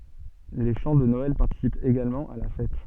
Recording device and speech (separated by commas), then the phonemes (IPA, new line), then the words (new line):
soft in-ear microphone, read sentence
le ʃɑ̃ də nɔɛl paʁtisipt eɡalmɑ̃ a la fɛt
Les chants de Noël participent également à la fête.